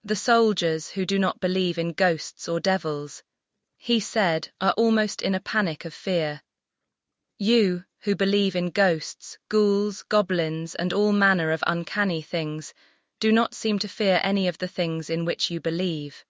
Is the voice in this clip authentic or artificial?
artificial